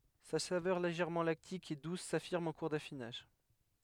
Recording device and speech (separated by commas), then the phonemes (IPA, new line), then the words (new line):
headset microphone, read sentence
sa savœʁ leʒɛʁmɑ̃ laktik e dus safiʁm ɑ̃ kuʁ dafinaʒ
Sa saveur légèrement lactique et douce s'affirme en cours d'affinage.